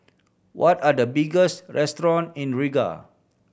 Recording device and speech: boundary microphone (BM630), read sentence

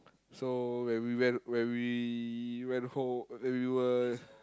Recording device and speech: close-talking microphone, conversation in the same room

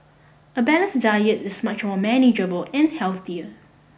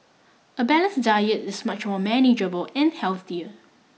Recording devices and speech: boundary microphone (BM630), mobile phone (iPhone 6), read sentence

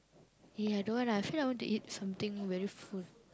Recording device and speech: close-talking microphone, conversation in the same room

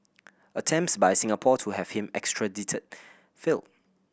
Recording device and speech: boundary microphone (BM630), read sentence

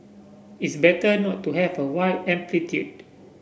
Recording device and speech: boundary microphone (BM630), read sentence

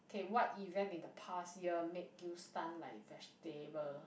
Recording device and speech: boundary microphone, conversation in the same room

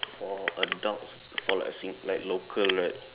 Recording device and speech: telephone, conversation in separate rooms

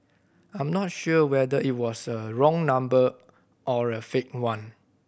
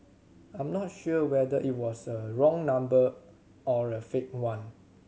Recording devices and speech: boundary microphone (BM630), mobile phone (Samsung C7100), read sentence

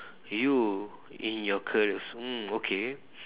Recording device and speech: telephone, conversation in separate rooms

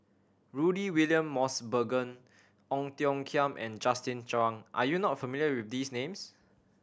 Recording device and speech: standing microphone (AKG C214), read sentence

